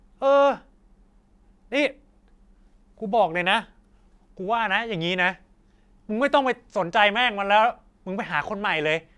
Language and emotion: Thai, angry